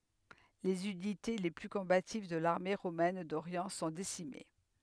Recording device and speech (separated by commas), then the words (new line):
headset microphone, read sentence
Les unités les plus combatives de l'armée romaine d'Orient sont décimées.